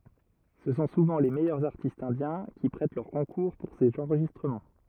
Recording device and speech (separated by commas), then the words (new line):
rigid in-ear microphone, read sentence
Ce sont souvent les meilleurs artistes indiens qui prêtent leur concours pour ces enregistrements.